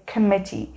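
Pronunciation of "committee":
'Committee' is pronounced correctly here.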